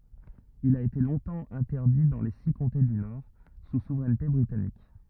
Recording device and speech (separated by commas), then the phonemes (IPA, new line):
rigid in-ear microphone, read sentence
il a ete lɔ̃tɑ̃ ɛ̃tɛʁdi dɑ̃ le si kɔ̃te dy nɔʁ su suvʁɛnte bʁitanik